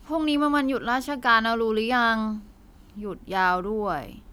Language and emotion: Thai, frustrated